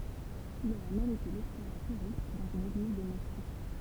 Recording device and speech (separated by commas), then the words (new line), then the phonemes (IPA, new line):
temple vibration pickup, read sentence
Il aurait même été lecteur et choriste dans une église de Moscou.
il oʁɛ mɛm ete lɛktœʁ e koʁist dɑ̃z yn eɡliz də mɔsku